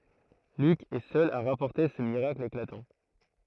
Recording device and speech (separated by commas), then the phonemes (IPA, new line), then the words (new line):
throat microphone, read sentence
lyk ɛ sœl a ʁapɔʁte sə miʁakl eklatɑ̃
Luc est seul à rapporter ce miracle éclatant.